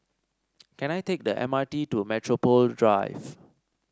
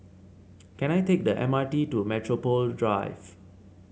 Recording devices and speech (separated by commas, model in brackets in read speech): standing microphone (AKG C214), mobile phone (Samsung C7), read sentence